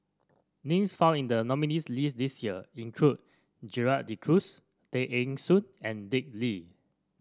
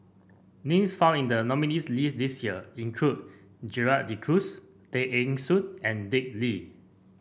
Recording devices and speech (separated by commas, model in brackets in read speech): standing microphone (AKG C214), boundary microphone (BM630), read sentence